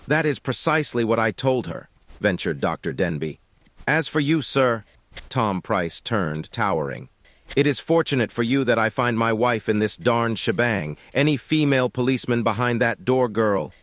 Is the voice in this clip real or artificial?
artificial